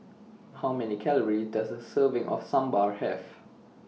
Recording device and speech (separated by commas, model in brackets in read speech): mobile phone (iPhone 6), read sentence